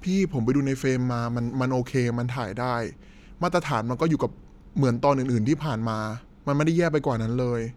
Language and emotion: Thai, frustrated